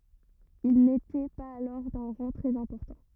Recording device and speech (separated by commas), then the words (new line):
rigid in-ear microphone, read sentence
Ils n’étaient pas alors d’un rang très important.